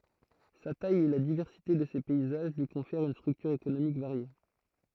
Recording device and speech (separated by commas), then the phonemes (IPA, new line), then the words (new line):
throat microphone, read sentence
sa taj e la divɛʁsite də se pɛizaʒ lyi kɔ̃fɛʁt yn stʁyktyʁ ekonomik vaʁje
Sa taille et la diversité de ses paysages lui confèrent une structure économique variée.